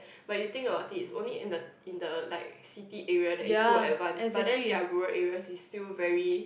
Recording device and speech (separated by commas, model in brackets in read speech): boundary microphone, conversation in the same room